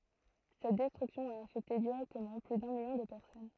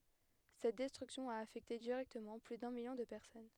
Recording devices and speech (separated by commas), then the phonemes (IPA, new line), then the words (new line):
throat microphone, headset microphone, read sentence
sɛt dɛstʁyksjɔ̃ a afɛkte diʁɛktəmɑ̃ ply dœ̃ miljɔ̃ də pɛʁsɔn
Cette destruction a affecté directement plus d'un million de personnes.